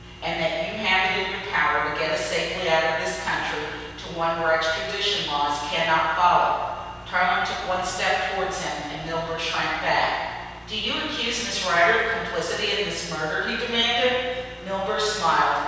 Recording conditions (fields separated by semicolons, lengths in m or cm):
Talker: one person; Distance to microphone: 7.1 m; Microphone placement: far; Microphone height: 1.7 m; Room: very reverberant, large; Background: none